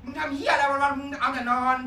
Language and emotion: Thai, angry